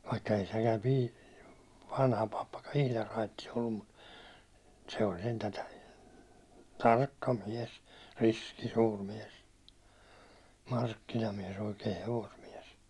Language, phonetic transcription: Finnish, vaikka ei sekäm pi- , 'vanha pappakan̬ "ihlar rait̀is ollum mut , se oĺ sentä , 'tarkka 'miɛs , 'riski 'suur miɛs , 'markkinamies oikee 'hevosmiɛs .
- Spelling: vaikka ei sekään - vanha pappakaan ihan raitis ollut mutta se oli sentään tarkka mies riski suuri mies markkinamies oikea hevosmies

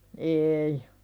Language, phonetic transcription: Finnish, eei .
- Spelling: ei

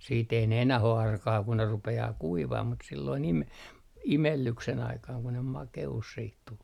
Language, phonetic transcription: Finnish, siit ‿ei ne 'enäh ‿o 'arkaa ku ne 'rupe₍aa "kuivah mut silloin ime- , "imellyksen aikaaŋ ku ne 'make₍us siit tul .
- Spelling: sitten ei ne enää ole arkaa kun ne rupeaa kuivamaan mutta silloin - imellyksen aikaan kun ne makeus sitten tuli

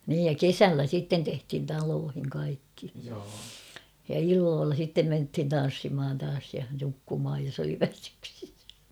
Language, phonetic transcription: Finnish, niij ja "kesällä sitten tehthin 'taloohiŋ 'kaikki , ja 'illoolla sittem menthin 'tan̬ssimhan taas ja 'nukkumhaj jos ‿oli 'väsyksis .
- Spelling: niin ja kesällä sitten tehtiin taloihin kaikki ja illoilla sitten mentiin tanssimaan taas ja nukkumaan jos oli väsyksissä

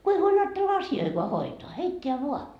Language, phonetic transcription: Finnish, ku ei huoĺ aattella "asi₍oikoa 'hoitoa , 'heitteä vua .
- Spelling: kun ei huoli ajatella asioitakaan hoitaa heittää vain

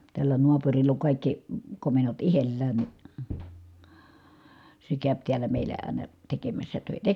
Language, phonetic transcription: Finnish, tällä noapurill ‿oŋ kàikki , komennot ihellään ni , se kä̀öp tiälä meilä ài̮na , tekemässä tö̀itä .
- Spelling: tällä naapurilla on kaikki komennot itsellään niin se käy täällä meillä aina tekemässä töitä

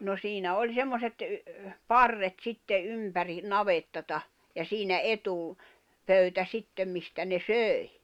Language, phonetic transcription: Finnish, no 'siinä oĺ 'semmoset , "parret 'sitte '’ympäri , 'navettata , ja siinä 'etù- , '-pöytä 'sittem mistä ne "sö̀i̬ .
- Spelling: no siinä oli semmoiset parret sitten ympäri navettaa ja siinä - etupöytä sitten mistä ne söi

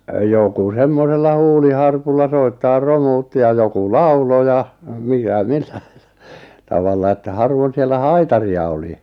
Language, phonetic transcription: Finnish, 'joku 'semmosella "huuliharpulla 'soittaar "romuutti ja 'joku "laulo ja , 'mikä 'mɪʟʟᴀ̈ɪ , tavalla että 'harvon siellä "haitari₍a oli .
- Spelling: joku semmoisella huuliharpulla soittaa romuutti ja joku lauloi ja mikä milläkin tavalla että harvoin siellä haitaria oli

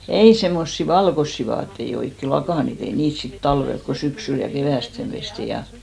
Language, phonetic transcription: Finnish, "ei semmossi "valkossi vaattei 'oikke , 'lakànit , ei 'niit sit "talvelk ko 'syksyl ja 'kevä̀stem pesti 'ja ,.
- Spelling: ei semmoisia valkoisia vaatteita oikein lakanoita ei niitä sitten talvella kun syksyllä ja keväästi pestiin ja

